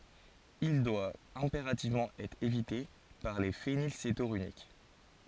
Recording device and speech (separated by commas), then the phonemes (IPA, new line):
forehead accelerometer, read sentence
il dwa ɛ̃peʁativmɑ̃ ɛtʁ evite paʁ le fenilsetonyʁik